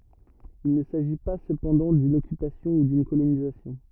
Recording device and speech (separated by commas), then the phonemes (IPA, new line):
rigid in-ear microphone, read sentence
il nə saʒi pa səpɑ̃dɑ̃ dyn ɔkypasjɔ̃ u dyn kolonizasjɔ̃